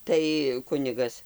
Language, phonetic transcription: Lithuanian, ˈtai ˈkunigas

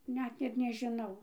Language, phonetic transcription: Lithuanian, ˈnet ir nežiˈnau

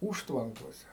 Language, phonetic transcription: Lithuanian, ˈūžtvankose

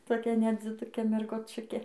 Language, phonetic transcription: Lithuanian, toˈkia nedziˈdukė mergoˈčiukė

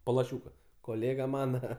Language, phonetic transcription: Lithuanian, po laˈšiūka koˈlėga ˈmana

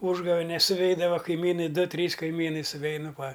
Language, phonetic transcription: Lithuanian, ˈūžgavenes suˈveidava kaiˈmynai ˈdu ˈtrys kaiˈmynai suˈveinu ˈva

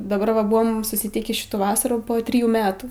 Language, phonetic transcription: Lithuanian, daˈbar va ˈbuvom susitˈykį ˈšitų ˈvasarų ˈpo ˈtrijų ˈmetų

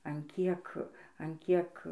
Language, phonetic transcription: Lithuanian, an ˈkiek an ˈkiek

